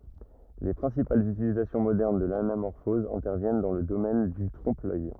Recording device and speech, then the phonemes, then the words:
rigid in-ear microphone, read sentence
le pʁɛ̃sipalz ytilizasjɔ̃ modɛʁn də lanamɔʁfɔz ɛ̃tɛʁvjɛn dɑ̃ lə domɛn dy tʁɔ̃pəlœj
Les principales utilisations modernes de l'anamorphose interviennent dans le domaine du trompe-l'œil.

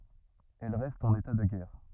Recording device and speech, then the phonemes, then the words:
rigid in-ear microphone, read sentence
ɛl ʁɛst ɑ̃n eta də ɡɛʁ
Elle reste en état de guerre.

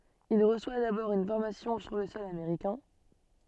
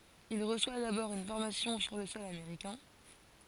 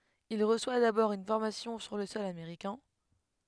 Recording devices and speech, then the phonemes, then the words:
soft in-ear microphone, forehead accelerometer, headset microphone, read sentence
il ʁəswa dabɔʁ yn fɔʁmasjɔ̃ syʁ lə sɔl ameʁikɛ̃
Il reçoit d’abord une formation sur le sol américain.

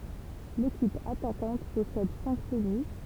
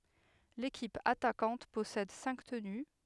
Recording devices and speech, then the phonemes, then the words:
temple vibration pickup, headset microphone, read sentence
lekip atakɑ̃t pɔsɛd sɛ̃k təny
L'équipe attaquante possède cinq tenus.

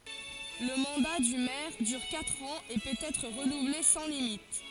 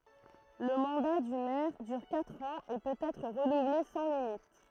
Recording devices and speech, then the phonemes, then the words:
forehead accelerometer, throat microphone, read sentence
lə mɑ̃da dy mɛʁ dyʁ katʁ ɑ̃z e pøt ɛtʁ ʁənuvle sɑ̃ limit
Le mandat du maire dure quatre ans et peut être renouvelé sans limite.

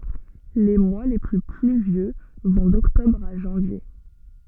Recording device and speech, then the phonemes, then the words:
soft in-ear microphone, read sentence
le mwa le ply plyvjø vɔ̃ dɔktɔbʁ a ʒɑ̃vje
Les mois les plus pluvieux vont d'octobre à janvier.

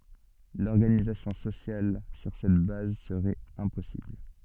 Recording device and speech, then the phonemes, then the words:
soft in-ear microphone, read sentence
lɔʁɡanizasjɔ̃ sosjal syʁ sɛt baz səʁɛt ɛ̃pɔsibl
L'organisation sociale sur cette base serait impossible.

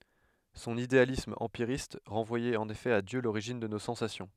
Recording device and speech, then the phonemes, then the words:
headset microphone, read sentence
sɔ̃n idealism ɑ̃piʁist ʁɑ̃vwajɛt ɑ̃n efɛ a djø loʁiʒin də no sɑ̃sasjɔ̃
Son idéalisme empiriste renvoyait en effet à Dieu l'origine de nos sensations.

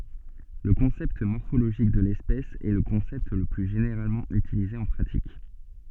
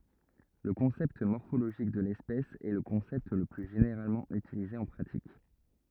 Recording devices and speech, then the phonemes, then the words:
soft in-ear microphone, rigid in-ear microphone, read sentence
lə kɔ̃sɛpt mɔʁfoloʒik də lɛspɛs ɛ lə kɔ̃sɛpt lə ply ʒeneʁalmɑ̃ ytilize ɑ̃ pʁatik
Le concept morphologique de l'espèce est le concept le plus généralement utilisé en pratique.

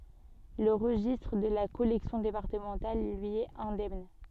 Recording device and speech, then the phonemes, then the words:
soft in-ear microphone, read sentence
lə ʁəʒistʁ də la kɔlɛksjɔ̃ depaʁtəmɑ̃tal lyi ɛt ɛ̃dɛmn
Le registre de la collection départementale, lui, est indemne.

